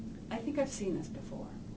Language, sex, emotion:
English, female, neutral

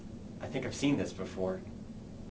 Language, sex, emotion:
English, male, neutral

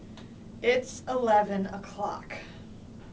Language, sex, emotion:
English, female, disgusted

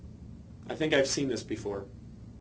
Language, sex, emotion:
English, male, neutral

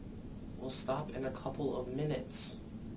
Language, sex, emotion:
English, male, angry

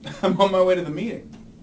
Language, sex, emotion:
English, male, happy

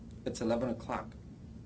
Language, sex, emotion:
English, male, neutral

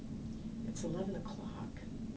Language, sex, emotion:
English, female, neutral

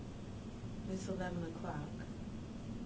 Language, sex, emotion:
English, female, neutral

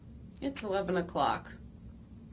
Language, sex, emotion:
English, female, neutral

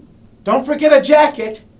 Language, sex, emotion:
English, male, neutral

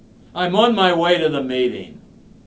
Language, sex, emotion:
English, male, disgusted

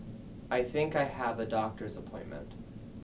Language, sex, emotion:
English, male, neutral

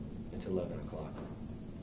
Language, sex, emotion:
English, male, neutral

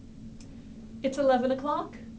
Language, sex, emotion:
English, female, neutral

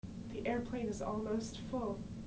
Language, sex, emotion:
English, female, neutral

